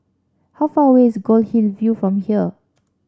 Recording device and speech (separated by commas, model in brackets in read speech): standing microphone (AKG C214), read sentence